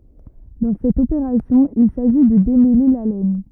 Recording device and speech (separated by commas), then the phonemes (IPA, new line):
rigid in-ear microphone, read sentence
dɑ̃ sɛt opeʁasjɔ̃ il saʒi də demɛle la lɛn